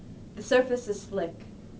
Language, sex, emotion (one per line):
English
female
neutral